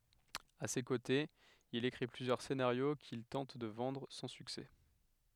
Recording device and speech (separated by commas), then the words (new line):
headset microphone, read sentence
À ses côtés, il écrit plusieurs scénarios qu'il tente de vendre, sans succès.